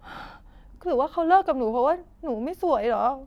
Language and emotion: Thai, sad